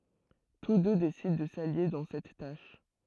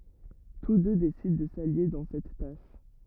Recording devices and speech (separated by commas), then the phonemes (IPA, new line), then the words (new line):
throat microphone, rigid in-ear microphone, read sentence
tus dø desidɑ̃ də salje dɑ̃ sɛt taʃ
Tous deux décident de s'allier dans cette tâche.